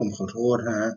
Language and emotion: Thai, sad